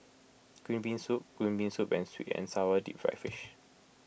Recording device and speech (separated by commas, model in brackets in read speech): boundary microphone (BM630), read sentence